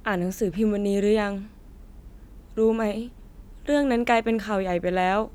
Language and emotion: Thai, sad